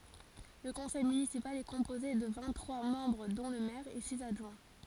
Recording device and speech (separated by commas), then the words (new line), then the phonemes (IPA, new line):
forehead accelerometer, read sentence
Le conseil municipal est composé de vingt-trois membres dont le maire et six adjoints.
lə kɔ̃sɛj mynisipal ɛ kɔ̃poze də vɛ̃t tʁwa mɑ̃bʁ dɔ̃ lə mɛʁ e siz adʒwɛ̃